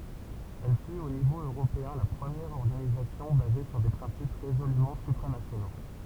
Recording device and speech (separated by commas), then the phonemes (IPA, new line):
temple vibration pickup, read sentence
ɛl fyt o nivo øʁopeɛ̃ la pʁəmjɛʁ ɔʁɡanizasjɔ̃ baze syʁ de pʁɛ̃sip ʁezolymɑ̃ sypʁanasjono